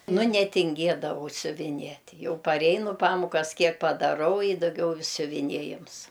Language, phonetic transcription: Lithuanian, ˈnu netinˈgėdavau siuviˈniet' ˈjau parˈeinu ˈpamukas ˈkiek padaˈrau i daˈgiau siuviˈniejims

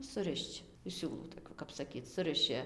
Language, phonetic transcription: Lithuanian, suˈrišč iš ˈsiūlų toˈkių kap saˈkyc ˈsuriši

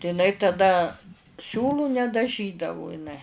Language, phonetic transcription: Lithuanian, tai iˈnai taˈda ˈsiūlų nedaˈžydavu iˈnai

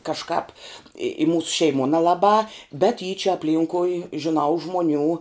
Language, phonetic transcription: Lithuanian, kažˈkāp i i ˈmūsu šeiˈmuo nelaˈbā bet y čia apˈlynkui žiˈnau ˈžmoˌnių

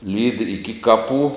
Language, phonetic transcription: Lithuanian, lyd' iki ˈkaˌpų

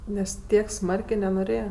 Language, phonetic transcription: Lithuanian, ˈnes ˈtiek ˈsmarkė nenoˈrėja

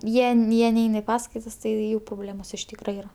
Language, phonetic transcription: Lithuanian, ˈjie n ˈjie ˈnein i ˈpaskaitas ˈtai ˈjų proˈblėmos iš ˈtykra ˈyra

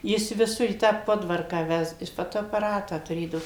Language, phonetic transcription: Lithuanian, ˈjis viˈsur į tą ˈpodvarką ˈvesd ˈjis ˌfotoapaˈratą tuˈrėdavo

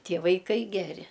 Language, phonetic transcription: Lithuanian, ˈtie vaiˈkai ˈgeri

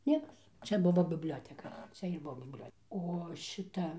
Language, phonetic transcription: Lithuanian, ˈniekas ˈčia ˈbuvo bibˈlioteka ˈčia ir ˈbuo bibˈliot' o ˈšita

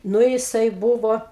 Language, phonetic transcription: Lithuanian, ˈnu jiˈsai ˈbūvo

